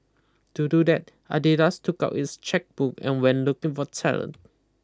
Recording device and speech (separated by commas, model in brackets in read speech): close-talking microphone (WH20), read sentence